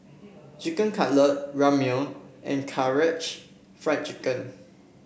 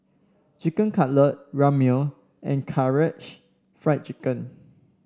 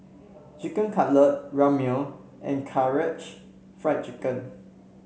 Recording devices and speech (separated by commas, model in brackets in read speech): boundary microphone (BM630), standing microphone (AKG C214), mobile phone (Samsung C7), read sentence